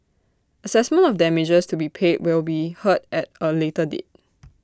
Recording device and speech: standing microphone (AKG C214), read sentence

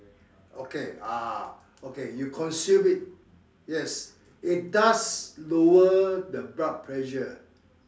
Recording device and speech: standing microphone, conversation in separate rooms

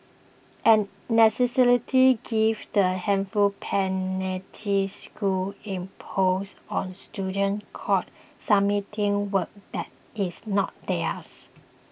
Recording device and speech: boundary microphone (BM630), read sentence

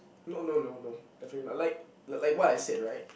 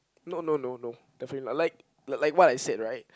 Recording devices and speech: boundary microphone, close-talking microphone, conversation in the same room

